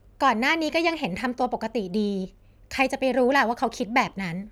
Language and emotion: Thai, frustrated